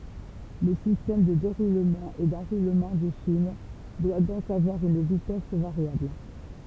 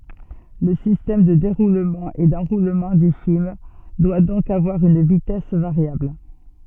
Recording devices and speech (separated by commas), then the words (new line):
temple vibration pickup, soft in-ear microphone, read sentence
Le système de déroulement et d'enroulement du film doit donc avoir une vitesse variable.